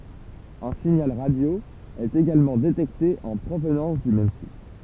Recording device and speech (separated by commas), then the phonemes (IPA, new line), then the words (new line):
temple vibration pickup, read sentence
œ̃ siɲal ʁadjo ɛt eɡalmɑ̃ detɛkte ɑ̃ pʁovnɑ̃s dy mɛm sit
Un signal radio est également détecté en provenance du même site.